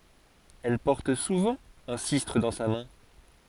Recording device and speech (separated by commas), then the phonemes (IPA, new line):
forehead accelerometer, read sentence
ɛl pɔʁt suvɑ̃ œ̃ sistʁ dɑ̃ sa mɛ̃